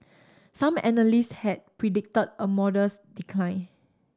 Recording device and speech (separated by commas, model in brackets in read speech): standing microphone (AKG C214), read sentence